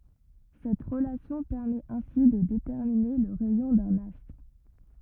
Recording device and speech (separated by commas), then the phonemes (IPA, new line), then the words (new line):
rigid in-ear microphone, read sentence
sɛt ʁəlasjɔ̃ pɛʁmɛt ɛ̃si də detɛʁmine lə ʁɛjɔ̃ dœ̃n astʁ
Cette relation permet ainsi de déterminer le rayon d'un astre.